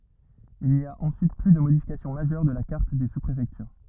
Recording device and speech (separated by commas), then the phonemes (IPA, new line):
rigid in-ear microphone, read sentence
il ni a ɑ̃syit ply də modifikasjɔ̃ maʒœʁ də la kaʁt de suspʁefɛktyʁ